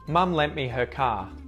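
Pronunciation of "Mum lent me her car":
In 'lent', the T is muted.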